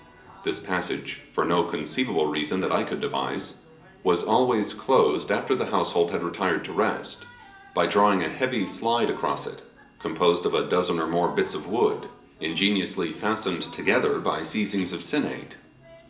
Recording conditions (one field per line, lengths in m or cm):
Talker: one person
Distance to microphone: 1.8 m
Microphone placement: close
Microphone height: 1.0 m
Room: large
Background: television